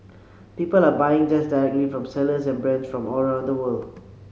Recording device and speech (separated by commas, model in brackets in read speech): mobile phone (Samsung C7), read sentence